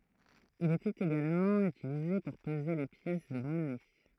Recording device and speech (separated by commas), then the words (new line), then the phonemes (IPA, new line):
throat microphone, read sentence
Il était également utilisé pour peser les pièces de monnaies.
il etɛt eɡalmɑ̃ ytilize puʁ pəze le pjɛs də mɔnɛ